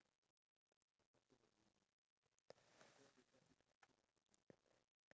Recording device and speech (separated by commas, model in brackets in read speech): standing microphone, conversation in separate rooms